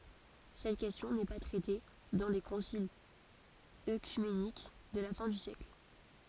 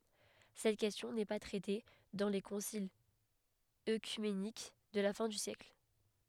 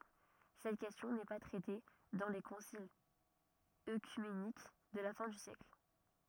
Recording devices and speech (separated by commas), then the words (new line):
forehead accelerometer, headset microphone, rigid in-ear microphone, read sentence
Cette question n'est pas traitée dans les conciles œcuméniques de la fin du siècle.